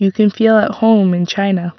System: none